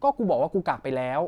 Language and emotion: Thai, frustrated